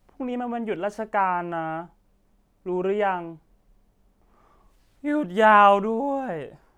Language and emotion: Thai, frustrated